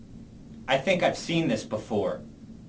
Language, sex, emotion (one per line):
English
male
disgusted